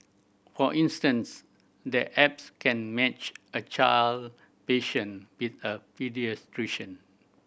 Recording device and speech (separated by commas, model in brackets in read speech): boundary microphone (BM630), read sentence